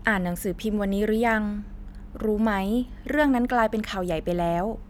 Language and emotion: Thai, neutral